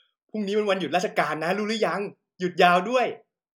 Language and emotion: Thai, happy